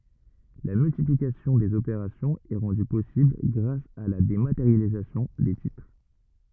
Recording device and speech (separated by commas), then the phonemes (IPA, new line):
rigid in-ear microphone, read sentence
la myltiplikasjɔ̃ dez opeʁasjɔ̃z ɛ ʁɑ̃dy pɔsibl ɡʁas a la demateʁjalizasjɔ̃ de titʁ